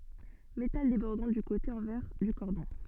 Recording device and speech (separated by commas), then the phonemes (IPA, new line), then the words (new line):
soft in-ear microphone, read sentence
metal debɔʁdɑ̃ dy kote ɑ̃vɛʁ dy kɔʁdɔ̃
Métal débordant du côté envers du cordon.